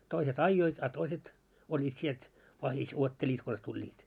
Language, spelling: Finnish, toiset ajoivat a toiset olivat sieltä vahdissa odottelivat konsa tulivat
- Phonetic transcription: toiset "aijjoit a 'toiset , oĺĺiit 'sielt , 'vahis 'uotteĺiit kons 'tuĺĺiit .

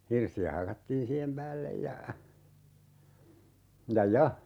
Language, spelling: Finnish, hirsiä hakattiin siihen päälle ja ja ja
- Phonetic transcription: 'hirsi₍ä 'hakattiin 'siihem "päällej ja , 'ja "ja .

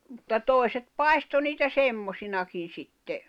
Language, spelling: Finnish, mutta toiset paistoi niitä semmoisinakin sitten
- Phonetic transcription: mᵘtta 'tòi̬set 'pai̬sto niitä "semmosinakin̬ 'sitte ,.

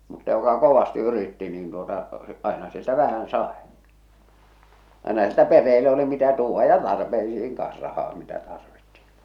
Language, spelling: Finnish, mutta joka kovasti yritti niin tuota aina sieltä vähän sai aina sieltä perheelle oli mitä tuoda ja tarpeisiin kanssa rahaa mitä tarvittiin
- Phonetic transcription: mutta joka "kovasti 'yritti niin tuota , 'àena 'sieltä "vähän "sàe , àena sieltä 'perreelle oli 'mitä 'tuuvva ja 'tarpeisiiŋ kaa̰s 'rahaa "mitä "tarvittɪ .

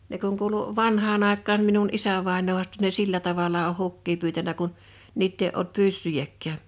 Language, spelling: Finnish, ne kun kuului vanhaan aikaan minun isävainaa haastoi ne sillä tavalla on hukkia pyytänyt kun niitä ei ollut pyssyjäkään
- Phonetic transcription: 'ne kuŋ 'kuulu , 'vanhaan ‿àekkaan minun 'isävàenoo huastᴏ ne 'sillä tavala oh 'hukkii pyytänä kun , 'niitt ‿èi ’olt "pyssyjäkkää .

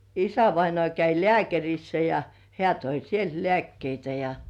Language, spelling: Finnish, isävainaa kävi lääkärissä ja hän toi sieltä lääkkeitä ja
- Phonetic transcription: 'isävainŏ§à käi "lĕä̀kärissä ja , 'hĕä̀ toi 'sielt "lĕä̀kkeitä ja .

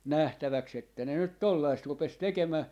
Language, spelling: Finnish, nähtäväksi että ne nyt tuollaista rupesi tekemään
- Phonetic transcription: "nähtäväks ‿että 'ne 'nyt "tollaist rupes "tekemä̀ » .

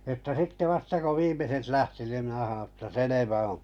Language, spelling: Finnish, että sitten vasta kun viimeiset lähti niin minä sanoin että selvä on
- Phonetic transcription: ᵉttä 'ˢⁱtte 'vasta ko 'viimeset 'lähti nim minä haoo̰ että » 'selevä oo̰ « .

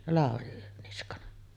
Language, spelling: Finnish, Lauri Niskanen
- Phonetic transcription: 'Làori Niskanen .

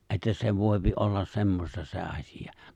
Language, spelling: Finnish, että se voi olla semmoista se asia
- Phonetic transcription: '’että se 'vòipi ollas 'semmosta se 'aśija .

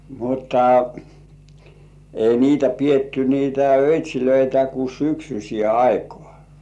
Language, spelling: Finnish, mutta ei niitä pidetty niitä öitsejä kuin syksyiseen aikaan
- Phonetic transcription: mutta , ei niitä 'pietty niitä "öit́̀śilöitä ku "syksyśĭè 'aikᴏ̆ᴀ̀ .

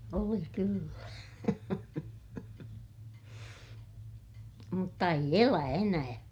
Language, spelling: Finnish, oli kyllä mutta ei elä enää
- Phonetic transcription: oli kyllä , mutta eij ‿elä enää .

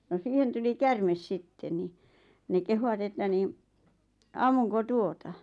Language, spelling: Finnish, no siihen tuli käärme sitten niin ne kehuivat että niin ammunko tuota
- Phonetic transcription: no 'siihen tuli "kärmes 'sitte ni , ne 'kehuwat että niin , » 'ammuŋko "tuota ?

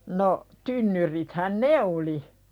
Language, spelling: Finnish, no tynnyrithän ne oli
- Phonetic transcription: no , 'tynnyrithän "ne oli .

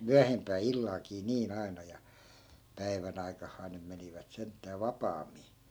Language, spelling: Finnish, - myöhempään illallakin niin aina ja päivän aikaan nyt menivät sentään vapaammin
- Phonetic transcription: "myäh- , "myähempää 'illalkii 'nii'n ‿ai̮na ja , 'päivän ‿aikahhaan nym 'menivät 'senttää "vapaammi .

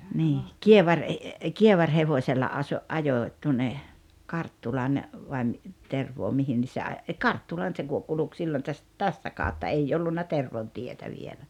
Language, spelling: Finnish, niin - - kievarihevosella - ajoin tuonne Karttulan vai - Tervoon mihin niin se - - Karttulaan se - kulki silloin - tästä kautta ei ollut Tervon tietä vielä
- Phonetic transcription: nii , "kievar- e- , "kievaŕhevośella aso- , '’ajòⁱ tuonne , 'Karttulan , vai mi- , 'Tervoo mihin (ni) se a- , e "Karttulan se ku- 'kuluk sillon täst- , "tästä 'kàotta 'ei 'ollunna 'Tervon tietä vielä .

